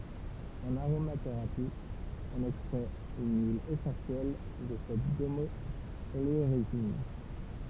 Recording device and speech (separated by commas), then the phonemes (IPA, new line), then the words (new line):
temple vibration pickup, read sentence
ɑ̃n aʁomateʁapi ɔ̃n ɛkstʁɛt yn yil esɑ̃sjɛl də sɛt ɡɔmɔoleoʁezin
En aromathérapie, on extrait une huile essentielle de cette gommo-oléorésine.